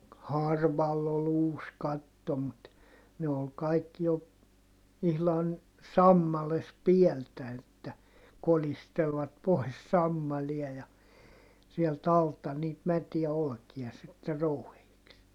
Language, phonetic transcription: Finnish, harvall ‿ol ‿uus katto mut , ne ol kaikki jo , ihlan , sammales piɛltä että , kolistelvat pois sammalia ja , sielt ‿alta niit mätiä olkia sitte rou(hittii) .
- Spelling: harvalla oli uusi katto mutta ne oli kaikki jo ihan sammaleessa päältä että kolistelivat pois sammalia ja sieltä alta niitä mätiä olkia sitten rouhittiin

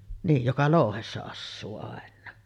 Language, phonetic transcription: Finnish, 'niij joka "lòuhessa 'assuu àen̆naa .
- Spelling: niin joka louhessa asuu aina

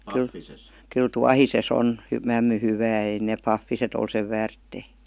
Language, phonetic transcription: Finnish, kyl "tuahise's ‿on , 'mämmy 'hyvää ei neep "paffiset ‿ol sev "väärttèⁱ .
- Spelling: kyllä tuohisessa on mämmi hyvää ei ne pahviset ole sen väärtejä

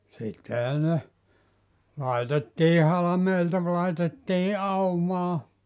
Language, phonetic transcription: Finnish, 'sittehä ne , 'laitettii 'halameilta ‿v- laitettii "aumaa ,.
- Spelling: sittenhän ne laitettiin halmeilta - laitettiin aumaan

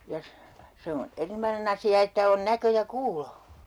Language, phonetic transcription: Finnish, ja , 'se on , "erinomanen ‿asi₍a että on näkö ja "kuulo .
- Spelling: ja se on erinomainen asia että on näkö ja kuulo

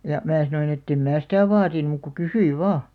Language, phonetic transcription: Finnish, ja , 'mää sanoin ‿ettem 'mää sitä̀ "vaatin mùk ku "kysyiv̆ 'vaa .
- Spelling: ja minä sanoin että en minä sitä vaadi muuta kuin kysyin vain

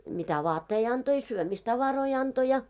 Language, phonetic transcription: Finnish, mitä 'vaattei anto i 'syömis'tavaroi anto ja .
- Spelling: mitä vaatteita antoi i syömistavaroita antoi ja

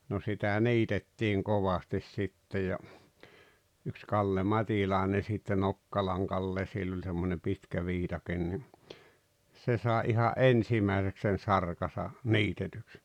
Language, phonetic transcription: Finnish, no sitä̀ 'niitettiiŋ 'kovastis sitte ja , yks 'Kalle "Mat́ilàene sitte 'Nokkalaŋ 'Kalle sill ‿oĺ semmonem 'pitkä 'viitaken ni , 'se sàe iha’ "’ensimä̀eseks sen̬ 'sarkasa , "niitetyks .
- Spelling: no sitä niitettiin kovasti sitten ja yksi Kalle Matilainen sitten Nokkalan Kalle sillä oli semmoinen pitkä viikate niin se sai ihan ensimmäiseksi sen sarkansa niitetyksi

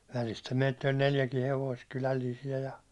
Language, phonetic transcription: Finnish, välistä meitti₍ä ol' 'neljäkii hevoist 'ky1ä1liisi₍ä ja ,.
- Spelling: välistä meitä oli neljäkin hevosta kylällisiä ja

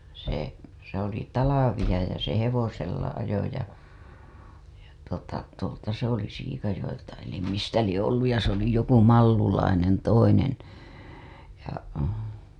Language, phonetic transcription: Finnish, se , se ‿oli 'talavija ja se 'hevosella ajo ja , ja tuota , tuolta se ‿oli Siikajo‿elta elim mistä lie ‿olluj ja se ‿ oli joku Mallulainen toinen , ja .
- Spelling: se se oli talvea ja se hevosella ajoi ja ja tuota tuolta se oli Siikajoelta eli mistä lie ollut ja se - oli joku Mallulainen toinen ja

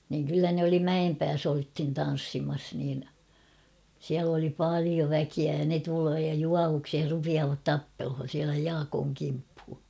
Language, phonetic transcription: Finnish, niŋ kyllä ne oli "Mäempääs ‿olthin 'tan̬ssimas niin , siäl ‿oli "pàlio 'väkiä ja ne tuloo ja "juavuksih 'rupiaavat "tappelhon̬ siälä 'Jaakooŋ kimphu .
- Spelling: niin kyllä ne oli Mäenpäässä oltiin tanssimassa niin siellä oli paljon väkeä ja ne tulee ja juovuksissa rupeavat tappelemaan siellä Jaakon kimppuun

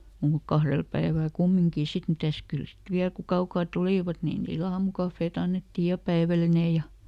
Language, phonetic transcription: Finnish, muuk ˈkahrel ˈpäivä̀l "kummiŋkì ˈsit ˈmitäs ˈkyl sit "viäl ku "kaukaa ˈtulìvat ni niiˈl ‿aamukaffeeˈt ‿annettij ja "päiväline ja ,.
- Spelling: mutta kahdella päivällä kumminkin sitten mitäs kyllä sitten vielä kun kaukaa tulivat niin niillä aamukahvit annettiin ja päivällinen ja

